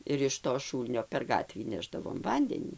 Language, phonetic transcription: Lithuanian, ir iš to ˈšūlnio per ˈgatvį ˈnešdavom ˈvandenį

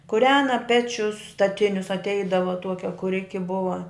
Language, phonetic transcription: Lithuanian, kuˈrena ˈpečius staˈtinius atˈeidava ˈtuokia kuˈriki ˈbuva

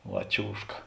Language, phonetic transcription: Lithuanian, ˈva ˈčiūžka

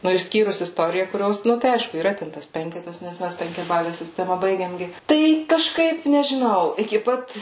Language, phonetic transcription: Lithuanian, nu išˈskyrus isˈtorija kuˈrios ˈnu tai ˈaišku yˈra ˈten tas ˈpenketas nes ˈmæs penkiaˈbale siˈstema ˈbaigėm ˈgi ˈtai kaˈžkaip nežiˈnau iki ˈpat

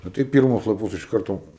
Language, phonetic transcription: Lithuanian, ˈnu tai ˈpyrmus laˈpus iš ˈkarto

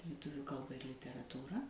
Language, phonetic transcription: Lithuanian, liˈtuvių ˈkalba ir literatūˈra

